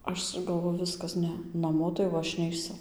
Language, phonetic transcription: Lithuanian, ˈaš galˈvoju ˈviskas ˈne naˈmo tai jau ˈaš neiˈsu

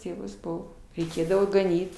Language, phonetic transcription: Lithuanian, ˈtėvus ˈbuvo reiˈkėdavo gaˈnyt

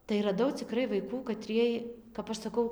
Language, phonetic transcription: Lithuanian, tai raˈdau ciˈkrai vaiˈkų kaˈtriej kap ˈaš saˈkau

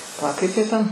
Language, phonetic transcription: Lithuanian, paˈla ˈkaip ˈjie ten

